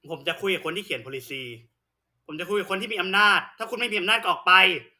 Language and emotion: Thai, angry